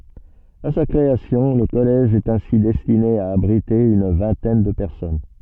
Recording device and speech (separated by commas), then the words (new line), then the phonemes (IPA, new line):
soft in-ear microphone, read sentence
À sa création, le collège est ainsi destiné à abriter une vingtaine de personnes.
a sa kʁeasjɔ̃ lə kɔlɛʒ ɛt ɛ̃si dɛstine a abʁite yn vɛ̃tɛn də pɛʁsɔn